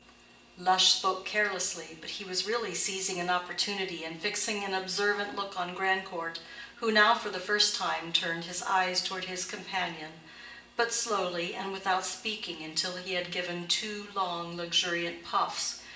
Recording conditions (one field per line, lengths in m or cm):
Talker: one person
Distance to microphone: 1.8 m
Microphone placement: close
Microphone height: 1.0 m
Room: large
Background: none